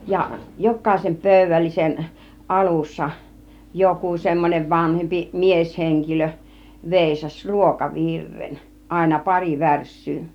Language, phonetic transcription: Finnish, ja , "jok̆kàisem 'pö̀yvällisen , "ˀalussa , 'joku semmon͕ev 'vanhempi 'miesheŋkilö , 'vèisas "ruokavirren , àina 'pari "värs̆syy .
- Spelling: ja jokaisen pöydällisen alussa joku semmoinen vanhempi mieshenkilö veisasi ruokavirren aina pari värssyä

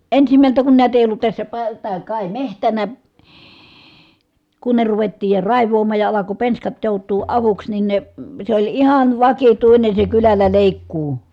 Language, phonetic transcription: Finnish, ensimältä kun nä̀i̮tä èij ‿ollut tässä pa- , tää kài mehtänä , kunne ruvettiij ja ràiv̀oom̀aaj ja alako penskat jòut̆tuu avuks nin ne , se oĺ ihan vakituine se kylällä lèikkuu .
- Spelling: ensimmältä kun näitä ei ollut tässä - tämä kai metsänä kunne ruvettiin ja raivaamaan ja alkoi penskat joutua avuksi niin ne se oli ihan vakituinen se kylällä leikkuu

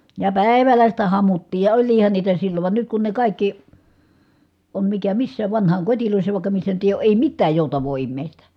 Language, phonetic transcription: Finnish, ja pä̀i̮vällä sitä hamuttiij ja oĺliihan niitä sillov van nyt kun ne kàikki , on mikä missääv , vanhaaŋkotilòissa ja vàikka missä nyt ‿èi oo ʼèi mittääj jòutav̀oo immèistä .
- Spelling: ja päivällä sitä hamuttiin ja olihan niitä silloin vaan nyt kun ne kaikki on mikä missäkin vanhainkodeissa ja vaikka missä nyt ei ole ei mitään joutavaa ihmistä

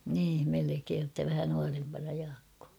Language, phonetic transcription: Finnish, niim 'melekeen ‿ttä 'vähä nuarempana Jaakkoo .
- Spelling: niin melkein että vähän nuorempana Jaakko

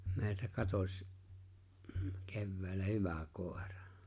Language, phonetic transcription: Finnish, 'me̬e̬ⁱltä 'katoś , 'kevvä̀ᵉl̆lä "hyvä "kòerᴀ .
- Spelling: meiltä katosi keväällä hyvä koira

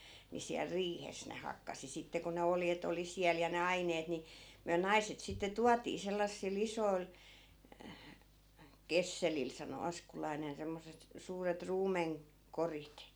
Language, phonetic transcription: Finnish, ni siäl "riihes ne 'hakkasi 'sitte ko ne 'oljet ‿oli 'siäl ja ne 'aineet ni , myä 'naiset sitte "tuatii 'sellassi'l ‿isoi̮l , "kesselil sano "askulainen semmos̀et , 'suuret "ruumeŋ- , -'korit .
- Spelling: niin siellä riihessä ne hakkasi sitten kun ne oljet oli siellä ja ne aineet niin me naiset sitten tuotiin sellaisilla isoilla kesselillä sanoi askulainen semmoiset suuret - ruumenkorit

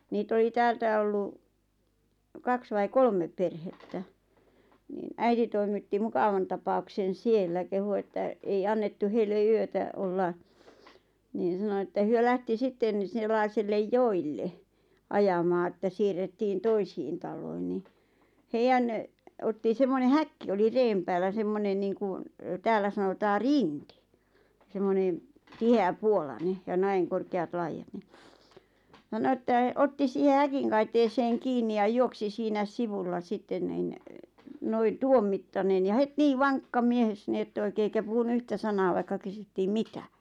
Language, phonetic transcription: Finnish, nii't ‿oli 'täältä ollu , 'kaks vai "kolmep 'perhettä , niin 'äiti toimitti "mukavan tapauksen 'siellä kehu että , ei 'annettu heille 'yötä , 'olla , niin̬ ʿˢᵉʾ sano että hyö 'lähti sitten ⁿⁱ 'sellaisellej "joille , "ajamaa että 'siirrettiin "toisiin tal̆loin ni , "heijän , otti semmone "häkki oli "reem päällä 'semmonen niiŋku , 'täällä sanotaa "riŋkɪ , semmonen , 'tihe₍ä'puolane , ja "näiŋ korkeat 'laijat ni , ʰano että , 'otti siihe "häkiŋ kaiteeseeŋ 'kiinni ja 'juoksi siinä(s) "sivulla 'sitten nin , noiⁿ "tuommittanen ja 'het "nii 'vaŋkka 'mies ni et't ‿oikee eikä 'puhunu 'yhtä "sanaa vaikka 'kysyttiim "mitä .
- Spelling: niitä oli täältä ollut kaksi vai kolme perhettä niin äiti toimitti mukavan tapauksen siellä kehui että ei annettu heille yötä olla niin se sanoi että he lähti sitten no sellaiselle joelle ajamaan että siirrettiin toisiin taloihin niin heidän otti semmoinen häkki oli reen päällä semmoinen niin kuin täällä sanotaan rinki semmoinen tiheäpuolainen ja näin korkeat laidat niin sanoi että otti siihen häkin kaiteeseen kiinni ja juoksi siinä sivulla sitten niin noin tuon mittainen ja heti niin vankka mies niin että oikein eikä puhunut yhtä sanaa vaikka kysyttiin mitä

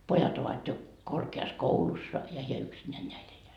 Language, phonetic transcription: Finnish, 'pojat ‿ovat jo , korke₍as'koulussa , ja heä "yksinnään näi 'elleä . - - .
- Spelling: pojat ovat jo korkeakoulussa ja hän yksinään näin elää

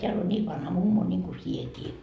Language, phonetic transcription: Finnish, teäl on 'nii vanha 'mummo ńiŋku "siekii .
- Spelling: täällä on niin vanha mummo niin kuin sinäkin

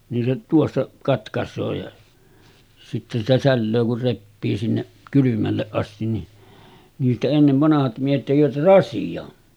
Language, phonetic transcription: Finnish, nin se tuossa , 'katkas̆soo ja , sitte sitä 'sällöö kur 'reppii sinne’ , 'kylymälleˀ ˀastin ni , niistä ennev 'vanahat miehet tekivät 'rasiʲo̳§n .
- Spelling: niin se tuossa katkaisee ja sitten sitä sälöö kun repii sinne kylmälle asti niin niistä ennen vanhat miehet tekivät rasian

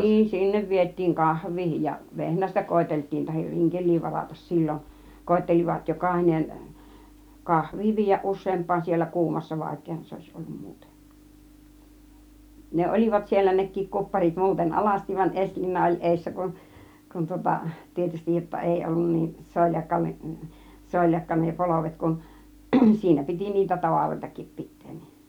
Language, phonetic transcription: Finnish, 'niin "sinnev 'viettiiŋ "kahv̆vii ja , "vehnästä 'koetelt̆tiin tahir "riŋkel̆lii 'varatas "sillon , 'koettelivat "jokàhinen , "kahv̆vii 'viij̆jäˀ 'ˀus̆seemp̆(paan) 'siellä "kuumassa "vàik̆keehan 'se òis 'ollum 'muuten̬ , 'ne "ol͕ìvat siellä 'nek̆kiik 'kupparit 'muuten "alastiv va͕ĭn "ˀeśliina oĺ 'èissä kun , 'kun tŭŏta , 'tietystij jotta 'èi 'ollun 'niin , "soljakka , "soljakka ne "polovet kun , 'siinä 'piti niitä "tavaroitakip 'pit̆teen nIN .
- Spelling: niin sinne vietiin kahvia ja vehnästä koeteltiin tai rinkeliä varata silloin koettelivat jokainen kahvia viedä useampaan siellä kuumassa vaikeahan se olisi ollut muuten ne olivat siellä nekin kupparit muuten alasti vain esiliina oli edessä kun kun tuota tietysti jotta ei ollut niin soljakka soljakka ne polvet kun siinä piti niitä tavaroitakin pitää niin

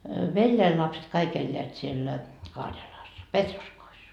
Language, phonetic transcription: Finnish, "veljäi lapset kaik eĺĺeät siellä , 'Karjalaas "Petroskois .
- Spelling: veljeni lapset kaikki elävät siellä Karjalassa Petroskoissa

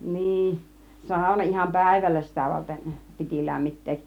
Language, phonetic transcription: Finnish, 'nii , "sàuna 'iham "pä̀ivällä 'sitä varten , 'piti "lämmit̆teeˀ .
- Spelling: niin sauna ihan päivällä sitä varten piti lämmittää

